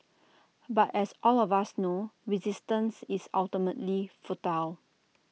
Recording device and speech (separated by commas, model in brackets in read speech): mobile phone (iPhone 6), read sentence